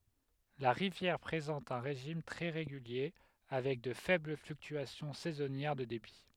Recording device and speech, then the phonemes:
headset microphone, read sentence
la ʁivjɛʁ pʁezɑ̃t œ̃ ʁeʒim tʁɛ ʁeɡylje avɛk də fɛbl flyktyasjɔ̃ sɛzɔnjɛʁ də debi

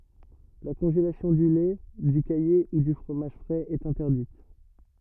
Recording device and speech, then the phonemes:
rigid in-ear microphone, read sentence
la kɔ̃ʒelasjɔ̃ dy lɛ dy kaje u dy fʁomaʒ fʁɛz ɛt ɛ̃tɛʁdit

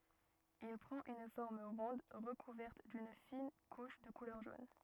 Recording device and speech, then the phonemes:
rigid in-ear microphone, read sentence
il pʁɑ̃t yn fɔʁm ʁɔ̃d ʁəkuvɛʁt dyn fin kuʃ də kulœʁ ʒon

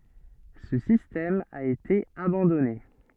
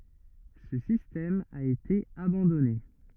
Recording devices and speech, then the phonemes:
soft in-ear microphone, rigid in-ear microphone, read sentence
sə sistɛm a ete abɑ̃dɔne

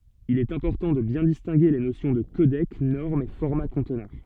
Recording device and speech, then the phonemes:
soft in-ear microphone, read sentence
il ɛt ɛ̃pɔʁtɑ̃ də bjɛ̃ distɛ̃ɡe le nosjɔ̃ də kodɛk nɔʁm e fɔʁma kɔ̃tnœʁ

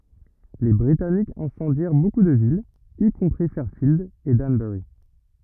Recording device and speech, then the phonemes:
rigid in-ear microphone, read sentence
le bʁitanikz ɛ̃sɑ̃djɛʁ boku də vilz i kɔ̃pʁi fɛʁfild e danbœʁi

